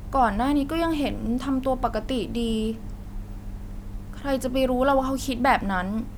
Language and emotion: Thai, frustrated